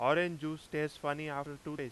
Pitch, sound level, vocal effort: 150 Hz, 94 dB SPL, very loud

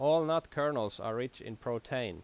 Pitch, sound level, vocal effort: 125 Hz, 89 dB SPL, loud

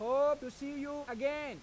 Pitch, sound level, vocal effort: 280 Hz, 99 dB SPL, very loud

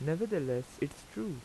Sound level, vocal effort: 84 dB SPL, normal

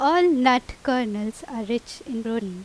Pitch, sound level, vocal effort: 240 Hz, 87 dB SPL, loud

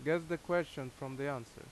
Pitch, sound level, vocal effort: 140 Hz, 86 dB SPL, loud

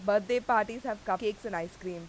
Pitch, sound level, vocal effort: 210 Hz, 92 dB SPL, loud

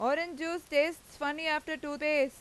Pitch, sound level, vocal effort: 300 Hz, 95 dB SPL, very loud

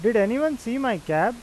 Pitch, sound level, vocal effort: 235 Hz, 92 dB SPL, loud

